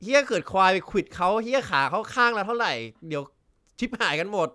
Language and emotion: Thai, frustrated